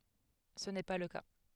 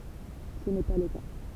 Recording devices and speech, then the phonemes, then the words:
headset microphone, temple vibration pickup, read sentence
sə nɛ pa lə ka
Ce n’est pas le cas.

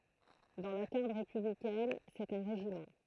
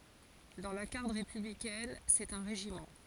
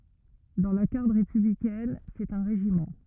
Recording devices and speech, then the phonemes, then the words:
throat microphone, forehead accelerometer, rigid in-ear microphone, read sentence
dɑ̃ la ɡaʁd ʁepyblikɛn sɛt œ̃ ʁeʒimɑ̃
Dans la garde républicaine, c'est un régiment.

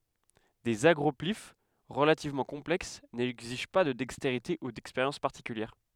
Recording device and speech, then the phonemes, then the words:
headset microphone, read sentence
dez aɡʁɔplif ʁəlativmɑ̃ kɔ̃plɛks nɛɡziʒ pa də dɛksteʁite u dɛkspeʁjɑ̃s paʁtikyljɛʁ
Des agroplyphes relativement complexes n'exigent pas de dextérité ou d'expérience particulière.

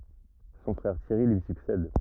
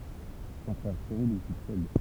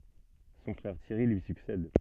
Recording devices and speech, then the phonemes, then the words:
rigid in-ear microphone, temple vibration pickup, soft in-ear microphone, read sentence
sɔ̃ fʁɛʁ tjɛʁi lyi syksɛd
Son frère Thierry lui succède.

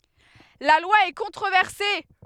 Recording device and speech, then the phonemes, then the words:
headset microphone, read sentence
la lwa ɛ kɔ̃tʁovɛʁse
La loi est controversée.

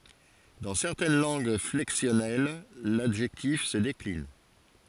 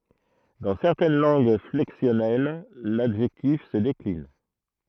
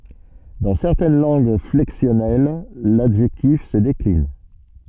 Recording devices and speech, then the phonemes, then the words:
forehead accelerometer, throat microphone, soft in-ear microphone, read sentence
dɑ̃ sɛʁtɛn lɑ̃ɡ flɛksjɔnɛl ladʒɛktif sə deklin
Dans certaines langues flexionnelles, l'adjectif se décline.

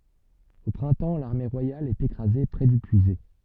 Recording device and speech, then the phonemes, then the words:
soft in-ear microphone, read sentence
o pʁɛ̃tɑ̃ laʁme ʁwajal ɛt ekʁaze pʁɛ dy pyizɛ
Au printemps l’armée royale est écrasée près du Puiset.

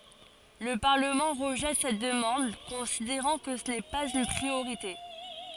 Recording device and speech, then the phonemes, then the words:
forehead accelerometer, read sentence
lə paʁləmɑ̃ ʁəʒɛt sɛt dəmɑ̃d kɔ̃sideʁɑ̃ kə sə nɛ paz yn pʁioʁite
Le Parlement rejette cette demande, considérant que ce n'est pas une priorité.

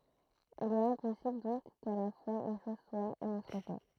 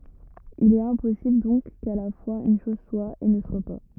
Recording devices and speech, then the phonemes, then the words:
throat microphone, rigid in-ear microphone, read sentence
il ɛt ɛ̃pɔsibl dɔ̃k ka la fwaz yn ʃɔz swa e nə swa pa
Il est impossible donc qu’à la fois une chose soit et ne soit pas.

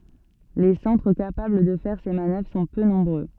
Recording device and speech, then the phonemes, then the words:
soft in-ear microphone, read sentence
le sɑ̃tʁ kapabl də fɛʁ se manœvʁ sɔ̃ pø nɔ̃bʁø
Les centres capables de faire ces manœuvres sont peu nombreux.

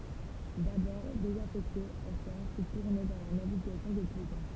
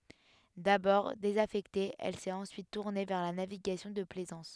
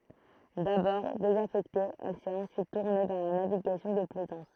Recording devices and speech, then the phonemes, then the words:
temple vibration pickup, headset microphone, throat microphone, read sentence
dabɔʁ dezafɛkte ɛl sɛt ɑ̃syit tuʁne vɛʁ la naviɡasjɔ̃ də plɛzɑ̃s
D'abord désaffectée, elle s'est ensuite tournée vers la navigation de plaisance.

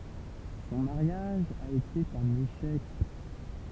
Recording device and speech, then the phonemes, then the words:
temple vibration pickup, read sentence
sɔ̃ maʁjaʒ a ete œ̃n eʃɛk
Son mariage a été un échec.

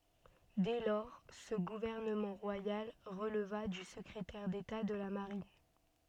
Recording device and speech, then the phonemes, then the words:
soft in-ear microphone, read sentence
dɛ lɔʁ sə ɡuvɛʁnəmɑ̃ ʁwajal ʁəlva dy səkʁetɛʁ deta də la maʁin
Dès lors, ce gouvernement royal releva du secrétaire d'État de la Marine.

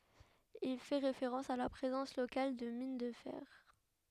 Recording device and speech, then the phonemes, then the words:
headset microphone, read sentence
il fɛ ʁefeʁɑ̃s a la pʁezɑ̃s lokal də min də fɛʁ
Il fait référence à la présence locale de mines de fer.

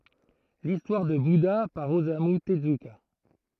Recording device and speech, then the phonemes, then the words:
throat microphone, read sentence
listwaʁ də buda paʁ ozamy təzyka
L'histoire de Bouddha par Osamu Tezuka.

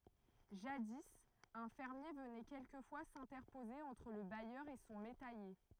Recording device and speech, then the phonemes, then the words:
throat microphone, read sentence
ʒadi œ̃ fɛʁmje vənɛ kɛlkəfwa sɛ̃tɛʁpoze ɑ̃tʁ lə bajœʁ e sɔ̃ metɛje
Jadis, un fermier venait quelquefois s'interposer entre le bailleur et son métayer.

